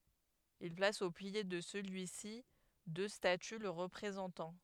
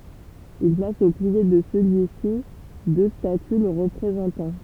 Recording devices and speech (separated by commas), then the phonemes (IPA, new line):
headset microphone, temple vibration pickup, read sentence
il plas o pje də səlyi si dø staty lə ʁəpʁezɑ̃tɑ̃